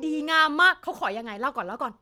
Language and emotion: Thai, happy